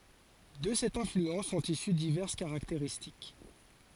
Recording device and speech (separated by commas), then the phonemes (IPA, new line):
forehead accelerometer, read sentence
də sɛt ɛ̃flyɑ̃s sɔ̃t isy divɛʁs kaʁakteʁistik